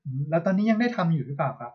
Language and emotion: Thai, neutral